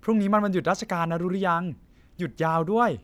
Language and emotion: Thai, happy